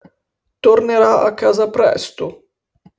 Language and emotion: Italian, sad